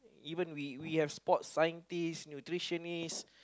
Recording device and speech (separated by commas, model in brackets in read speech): close-talking microphone, conversation in the same room